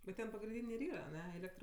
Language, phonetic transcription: Lithuanian, bet ˈten pagrinˈdynė ir ˈyra aˈne ˈėlektr

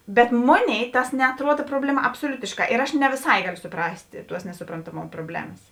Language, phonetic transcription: Lithuanian, bet ˈmoˌnėi ˈtas neatˈruod ˈprobleˌma absoˈliutišˌkā ir ˈaš ne viˈsai ˈgalio suˈprast' ˈtuos nesuprantaˈmom proˈblemas

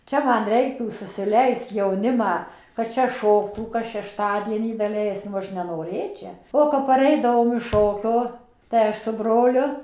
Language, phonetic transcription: Lithuanian, ˈčia ˈman ˈreiktų susiˈleist jauˈnimą kad ˈčia ˈšoktų kas šešˈtadienį daˈleiskim ˈaš nenoˈrėčia ˈo kap paˈreidavom iš ˈšokio tai ˈaš su ˈbroliu

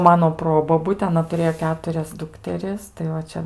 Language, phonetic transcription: Lithuanian, ˈmano ˈprobobutė aˈna tuˈrėjo ˈketurias ˈdukteris tai ˈva ˈčia

